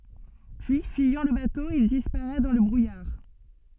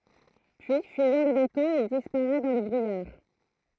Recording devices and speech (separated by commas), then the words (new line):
soft in-ear microphone, throat microphone, read sentence
Puis, fuyant le bateau, il disparaît dans le brouillard.